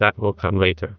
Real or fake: fake